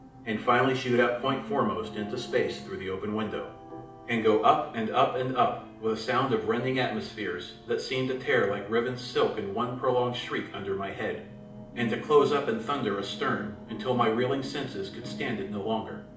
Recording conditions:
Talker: one person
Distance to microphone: 2.0 m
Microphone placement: close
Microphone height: 99 cm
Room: medium-sized (5.7 m by 4.0 m)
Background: television

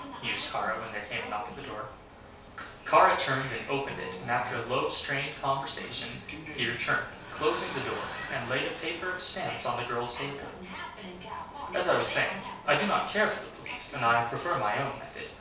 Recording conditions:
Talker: one person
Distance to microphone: 3.0 m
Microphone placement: far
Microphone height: 1.8 m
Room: small (3.7 m by 2.7 m)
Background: television

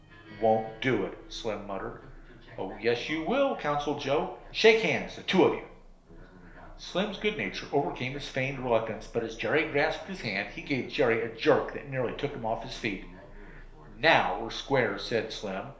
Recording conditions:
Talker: one person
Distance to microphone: 1.0 m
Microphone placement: close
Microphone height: 1.1 m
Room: small (3.7 m by 2.7 m)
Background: television

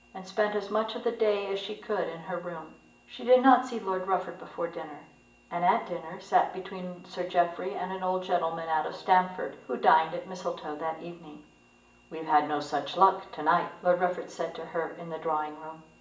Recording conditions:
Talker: one person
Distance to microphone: 1.8 m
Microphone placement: close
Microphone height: 1.0 m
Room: large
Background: none

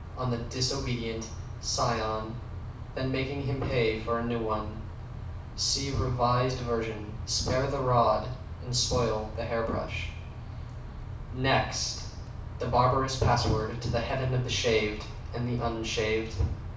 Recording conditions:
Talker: one person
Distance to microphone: 5.8 m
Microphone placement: far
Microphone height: 1.8 m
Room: medium-sized (5.7 m by 4.0 m)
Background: none

